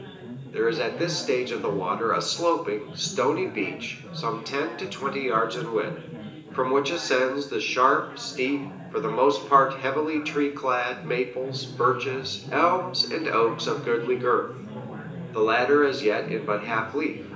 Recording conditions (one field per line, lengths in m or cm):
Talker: one person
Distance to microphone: 1.8 m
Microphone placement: close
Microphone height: 1.0 m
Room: large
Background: babble